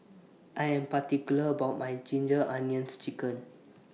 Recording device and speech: mobile phone (iPhone 6), read sentence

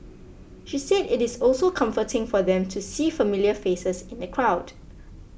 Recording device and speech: boundary microphone (BM630), read sentence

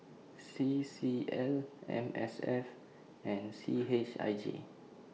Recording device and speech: mobile phone (iPhone 6), read sentence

